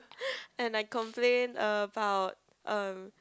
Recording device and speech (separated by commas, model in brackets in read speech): close-talking microphone, conversation in the same room